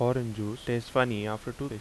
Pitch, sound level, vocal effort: 120 Hz, 81 dB SPL, normal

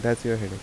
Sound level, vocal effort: 81 dB SPL, soft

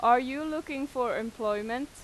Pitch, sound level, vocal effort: 250 Hz, 92 dB SPL, loud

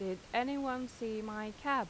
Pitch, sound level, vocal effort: 235 Hz, 88 dB SPL, normal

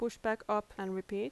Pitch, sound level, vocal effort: 210 Hz, 82 dB SPL, normal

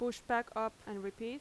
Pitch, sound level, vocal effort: 230 Hz, 86 dB SPL, loud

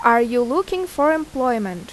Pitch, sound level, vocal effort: 255 Hz, 87 dB SPL, loud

